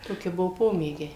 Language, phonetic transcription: Lithuanian, ˈtoki ˈbuvo ˈpomėgiai

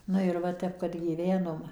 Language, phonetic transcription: Lithuanian, ˈnu ir ˈva ˈtep kad gyˈvenom

